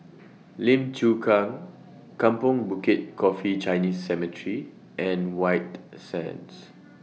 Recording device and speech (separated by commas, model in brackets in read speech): mobile phone (iPhone 6), read sentence